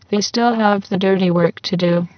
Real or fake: fake